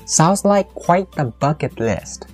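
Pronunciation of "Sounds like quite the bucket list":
In 'Sounds like quite the bucket list', the stress falls on 'bucket list'.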